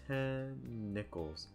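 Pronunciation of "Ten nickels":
'Ten nickels' is said slowly. The n at the end of 'ten' and the n at the start of 'nickels' combine into one n sound that is held a little longer.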